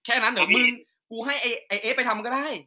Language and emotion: Thai, angry